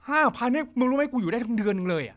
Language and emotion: Thai, happy